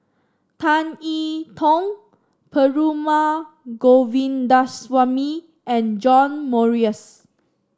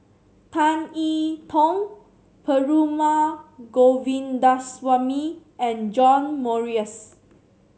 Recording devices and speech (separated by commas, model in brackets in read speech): standing microphone (AKG C214), mobile phone (Samsung C7), read sentence